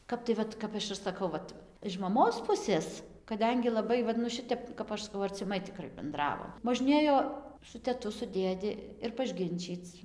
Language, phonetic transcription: Lithuanian, ˈkap tai ˈvat ˈkap aš ir saˈkau ˈvat iš maˈmos ˈpusės kaˈdengi laˈbai ˈvat nu ˈšitep kap ˈaš saˈkau arciˈmai tiˈkrai benˈdravom možˈnėjo su teˈtu su ˈdėdi ir pažˈginčyc

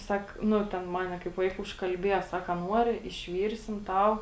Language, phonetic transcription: Lithuanian, ˈsak ˈnu ˈten ˈmane kaip ˈvaika užkalˈbieja ˈsak a ˈnuori išˈvyrsim ˈtau

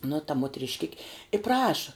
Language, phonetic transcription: Lithuanian, nu ta motrišˈkiki i praša

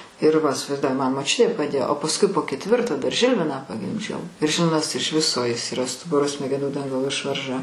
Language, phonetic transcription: Lithuanian, ir ˈva isivaizˈduoji ˈman moˈčiutė paˈdėjo o pasˈkui po ketˈvirto dar ˈžilviną pagimˈdžiau ir ˈžilvinas iš ˈviso ˈjis yˈra ˈstuburo smegeˈnų ˈdangalo ˈišvarža

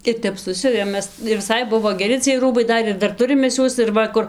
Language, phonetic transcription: Lithuanian, ir ˈtep ˈsusiuvėm ˈmes ir viˈsai ˈbuvo geˈri ciej ˈrūbai ˈdar ir ˈdar ˈturim ˈmes ˈjuos ir ˈva kur

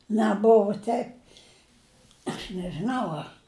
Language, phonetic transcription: Lithuanian, neˈbuvu ˈteip aš nežiˈnau ˈa

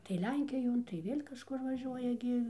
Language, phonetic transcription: Lithuanian, tai ˈlenkijon tai ˈvėl' kažˈkur vaˈžiuoja gi

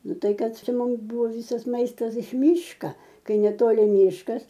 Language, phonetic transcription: Lithuanian, ˈnu ˈtai ˈkad ˈčia ˈmums ˈbūvo ˈvysas ˈmaistas iš ˈmyška ˈkai neˈtoli ˈmyškas

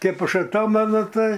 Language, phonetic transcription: Lithuanian, ˈkaip ˈaš aˈtomenu ˈtai

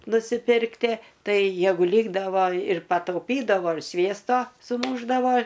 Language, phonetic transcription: Lithuanian, nusiˈpirktie ˈtai ˈjegu ˈlykdavo ir patauˈpydavo ir ˈsviesto suˈmūšdavo

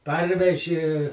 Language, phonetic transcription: Lithuanian, ˈparveži

